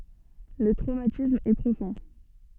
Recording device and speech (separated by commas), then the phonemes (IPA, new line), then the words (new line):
soft in-ear microphone, read sentence
lə tʁomatism ɛ pʁofɔ̃
Le traumatisme est profond.